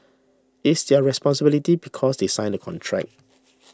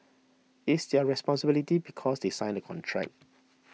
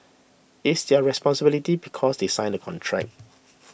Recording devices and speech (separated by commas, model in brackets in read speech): standing microphone (AKG C214), mobile phone (iPhone 6), boundary microphone (BM630), read sentence